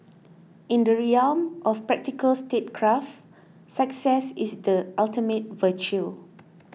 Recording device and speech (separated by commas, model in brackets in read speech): mobile phone (iPhone 6), read sentence